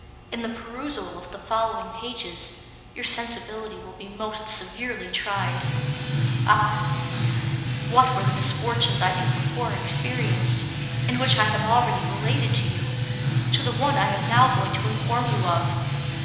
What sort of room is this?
A large and very echoey room.